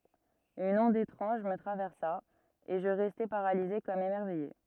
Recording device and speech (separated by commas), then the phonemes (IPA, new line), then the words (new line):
rigid in-ear microphone, read sentence
yn ɔ̃d etʁɑ̃ʒ mə tʁavɛʁsa e ʒə ʁɛstɛ paʁalize kɔm emɛʁvɛje
Une onde étrange me traversa, et je restais paralysé, comme émerveillé.